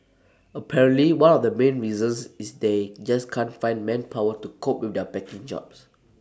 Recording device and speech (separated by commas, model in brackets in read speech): standing microphone (AKG C214), read sentence